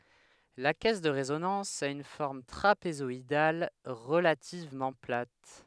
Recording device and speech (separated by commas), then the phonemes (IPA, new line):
headset microphone, read sentence
la kɛs də ʁezonɑ̃s a yn fɔʁm tʁapezɔidal ʁəlativmɑ̃ plat